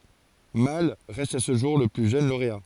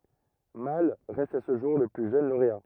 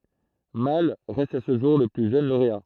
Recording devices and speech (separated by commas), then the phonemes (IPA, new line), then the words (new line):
forehead accelerometer, rigid in-ear microphone, throat microphone, read sentence
mal ʁɛst a sə ʒuʁ lə ply ʒøn loʁea
Malle reste à ce jour le plus jeune lauréat.